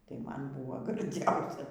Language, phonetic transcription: Lithuanian, tai ˈman ˈbuvo garˈdziausia

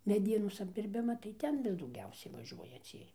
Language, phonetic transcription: Lithuanian, meˈdienos apdirˈbima tai ˈten vis dauˈgiausiai vaˈžiuoja ˈciej

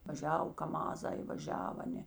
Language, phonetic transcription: Lithuanian, vaˈžiav kaˈmazai vaˈžiav ˈaˌnė

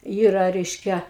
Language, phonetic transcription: Lithuanian, ˈyra ˈreiškia

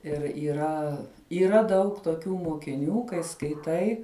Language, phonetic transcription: Lithuanian, ir yˈra yˈra ˈdaug toˈkių mokiˈnių kai skaiˈtai

